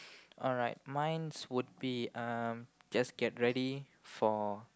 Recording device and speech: close-talking microphone, conversation in the same room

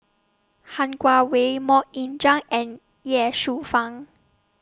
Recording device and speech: standing microphone (AKG C214), read sentence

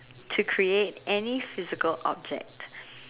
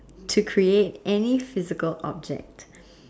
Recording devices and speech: telephone, standing microphone, conversation in separate rooms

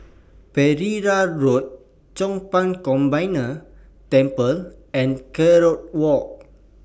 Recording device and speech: boundary microphone (BM630), read sentence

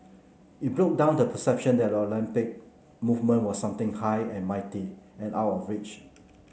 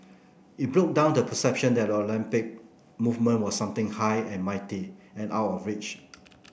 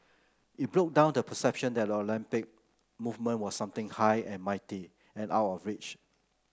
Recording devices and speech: mobile phone (Samsung C9), boundary microphone (BM630), close-talking microphone (WH30), read sentence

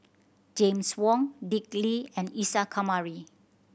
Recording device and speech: boundary microphone (BM630), read sentence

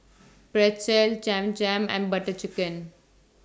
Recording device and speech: standing microphone (AKG C214), read sentence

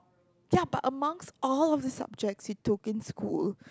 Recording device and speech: close-talking microphone, conversation in the same room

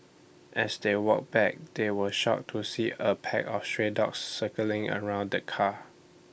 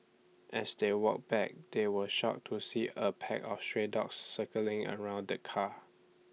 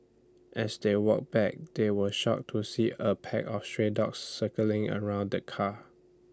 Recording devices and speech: boundary microphone (BM630), mobile phone (iPhone 6), standing microphone (AKG C214), read sentence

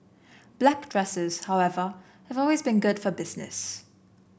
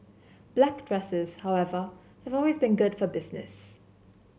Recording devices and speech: boundary microphone (BM630), mobile phone (Samsung C7), read sentence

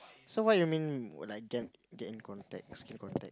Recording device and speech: close-talking microphone, conversation in the same room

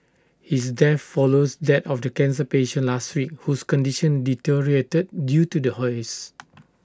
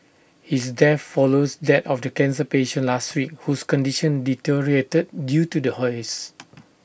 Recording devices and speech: standing microphone (AKG C214), boundary microphone (BM630), read sentence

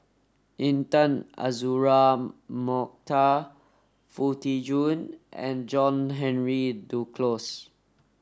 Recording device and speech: standing microphone (AKG C214), read sentence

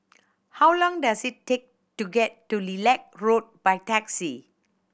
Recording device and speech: boundary microphone (BM630), read sentence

